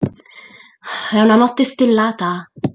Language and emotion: Italian, angry